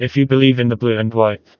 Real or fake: fake